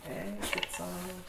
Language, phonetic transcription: Lithuanian, ˈeikit ˈsau

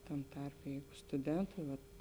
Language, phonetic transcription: Lithuanian, ˈtam ˈtarpe ˈjeigu stuˈdentai vat

